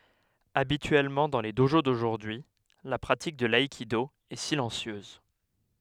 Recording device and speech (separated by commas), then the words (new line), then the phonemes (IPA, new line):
headset microphone, read sentence
Habituellement dans les dojo d'aujourd'hui, la pratique de l'aïkido est silencieuse.
abityɛlmɑ̃ dɑ̃ le doʒo doʒuʁdyi la pʁatik də laikido ɛ silɑ̃sjøz